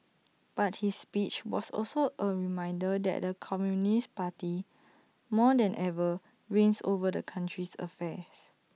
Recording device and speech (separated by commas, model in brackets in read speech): mobile phone (iPhone 6), read sentence